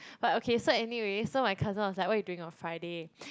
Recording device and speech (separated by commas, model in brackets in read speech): close-talking microphone, conversation in the same room